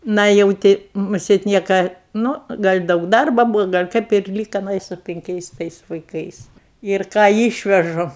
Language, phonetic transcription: Lithuanian, ˈna jau ˈti muˈsėt ˈnieka ˈnū ˈgal' ˈdaug ˈdarba ˈbūvo ˈgal' kaip ir ˈlyka aˈna i su pinˈkiais ˈtais vaiˈkais ir ˈką ˈyšvežu

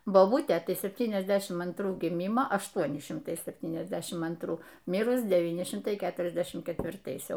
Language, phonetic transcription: Lithuanian, boˈbutė tai sepˈtyniasˌdešim antˈrų giˈmimo ašˈtuoni šimˈtai sepˈtyniasˌdešim antˈrų ˈmirus deˈvyni ˈšimtai ˈketuriasdešim ketvirˈtais ˈjau

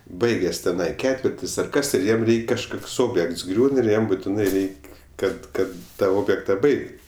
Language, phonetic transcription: Lithuanian, ˈbaigės teˈnai ˈketvirtis ar ˈkas ir ˈjiem ˈreik' kažˈkoks ˈobjekts ˈgriūn ir ˈjam butiˈnai ˈreik' ˈkad ˈkad ta ˈobjekta ˈbaigt

